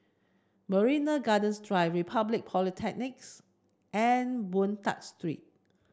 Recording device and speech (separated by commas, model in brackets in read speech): standing microphone (AKG C214), read sentence